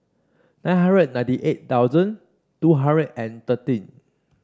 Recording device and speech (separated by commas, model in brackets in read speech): standing microphone (AKG C214), read sentence